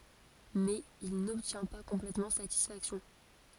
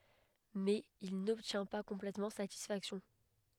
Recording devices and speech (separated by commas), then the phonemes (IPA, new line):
forehead accelerometer, headset microphone, read sentence
mɛz il nɔbtjɛ̃ pa kɔ̃plɛtmɑ̃ satisfaksjɔ̃